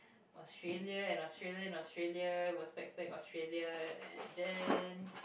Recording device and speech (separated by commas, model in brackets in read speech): boundary microphone, conversation in the same room